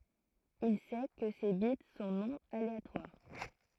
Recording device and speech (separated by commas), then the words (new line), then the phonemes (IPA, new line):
throat microphone, read sentence
Il sait que ces bits sont non aléatoires.
il sɛ kə se bit sɔ̃ nɔ̃ aleatwaʁ